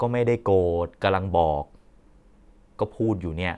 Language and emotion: Thai, frustrated